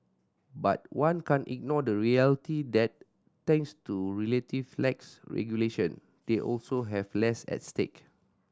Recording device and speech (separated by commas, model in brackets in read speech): standing microphone (AKG C214), read sentence